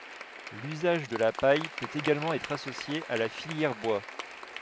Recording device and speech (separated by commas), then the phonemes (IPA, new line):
headset microphone, read sentence
lyzaʒ də la paj pøt eɡalmɑ̃ ɛtʁ asosje a la filjɛʁ bwa